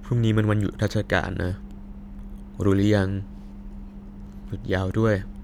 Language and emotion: Thai, sad